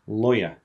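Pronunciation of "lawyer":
'Lawyer' is said the British English way: the R after the schwa sound at the end is dropped, so no R sound is heard.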